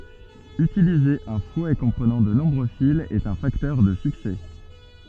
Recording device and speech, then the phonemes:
soft in-ear microphone, read sentence
ytilize œ̃ fwɛ kɔ̃pʁənɑ̃ də nɔ̃bʁø filz ɛt œ̃ faktœʁ də syksɛ

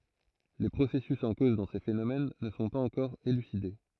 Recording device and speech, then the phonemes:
throat microphone, read sentence
le pʁosɛsys ɑ̃ koz dɑ̃ se fenomɛn nə sɔ̃ paz ɑ̃kɔʁ elyside

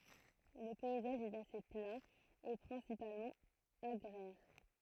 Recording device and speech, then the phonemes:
throat microphone, read sentence
lə pɛizaʒ ɛt ase pla e pʁɛ̃sipalmɑ̃ aɡʁɛʁ

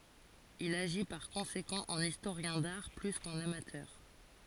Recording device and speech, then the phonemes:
forehead accelerometer, read sentence
il aʒi paʁ kɔ̃sekɑ̃ ɑ̃n istoʁjɛ̃ daʁ ply kɑ̃n amatœʁ

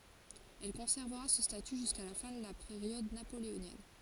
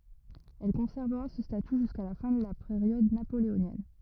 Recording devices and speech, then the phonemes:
forehead accelerometer, rigid in-ear microphone, read sentence
ɛl kɔ̃sɛʁvəʁa sə staty ʒyska la fɛ̃ də la peʁjɔd napoleonjɛn

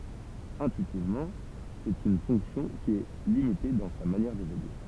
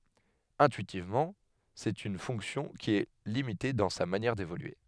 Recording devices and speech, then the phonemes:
temple vibration pickup, headset microphone, read sentence
ɛ̃tyitivmɑ̃ sɛt yn fɔ̃ksjɔ̃ ki ɛ limite dɑ̃ sa manjɛʁ devolye

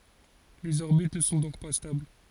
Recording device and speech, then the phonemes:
forehead accelerometer, read sentence
lez ɔʁbit nə sɔ̃ dɔ̃k pa stabl

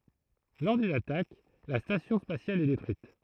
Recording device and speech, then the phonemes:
throat microphone, read sentence
lɔʁ dyn atak la stasjɔ̃ spasjal ɛ detʁyit

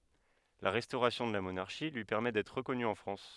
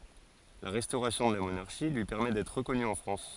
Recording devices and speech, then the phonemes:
headset microphone, forehead accelerometer, read sentence
la ʁɛstoʁasjɔ̃ də la monaʁʃi lyi pɛʁmɛ dɛtʁ ʁəkɔny ɑ̃ fʁɑ̃s

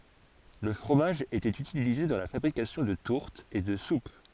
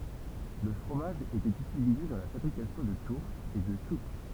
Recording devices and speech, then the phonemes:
forehead accelerometer, temple vibration pickup, read sentence
lə fʁomaʒ etɛt ytilize dɑ̃ la fabʁikasjɔ̃ də tuʁtz e də sup

